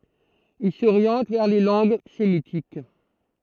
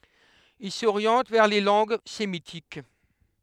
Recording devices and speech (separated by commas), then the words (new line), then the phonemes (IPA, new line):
throat microphone, headset microphone, read sentence
Il s'oriente vers les langues sémitiques.
il soʁjɑ̃t vɛʁ le lɑ̃ɡ semitik